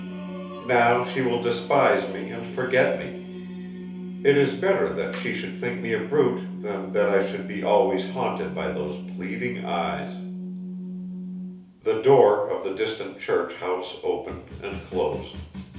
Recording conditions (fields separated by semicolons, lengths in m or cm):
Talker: one person; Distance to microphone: 3.0 m; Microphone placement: far; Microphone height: 1.8 m; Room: small (3.7 m by 2.7 m); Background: music